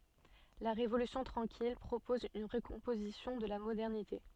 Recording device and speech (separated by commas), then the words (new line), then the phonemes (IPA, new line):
soft in-ear microphone, read sentence
La Révolution tranquille propose une recomposition de la modernité.
la ʁevolysjɔ̃ tʁɑ̃kil pʁopɔz yn ʁəkɔ̃pozisjɔ̃ də la modɛʁnite